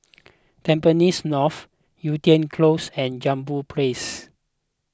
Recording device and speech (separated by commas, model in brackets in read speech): close-talking microphone (WH20), read sentence